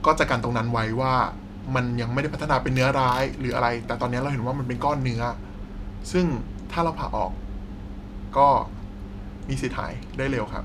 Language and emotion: Thai, neutral